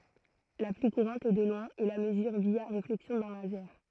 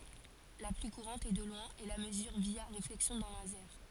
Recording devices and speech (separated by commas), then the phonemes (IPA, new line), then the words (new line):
throat microphone, forehead accelerometer, read sentence
la ply kuʁɑ̃t e də lwɛ̃ ɛ la məzyʁ vja ʁeflɛksjɔ̃ dœ̃ lazɛʁ
La plus courante, et de loin, est la mesure via réflexion d'un laser.